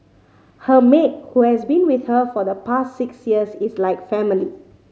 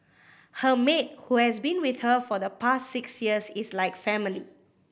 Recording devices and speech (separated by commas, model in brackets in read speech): mobile phone (Samsung C5010), boundary microphone (BM630), read sentence